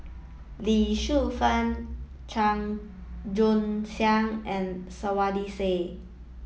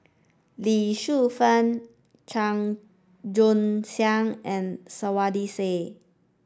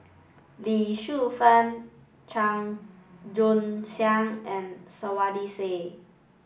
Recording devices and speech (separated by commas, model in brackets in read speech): mobile phone (iPhone 7), standing microphone (AKG C214), boundary microphone (BM630), read sentence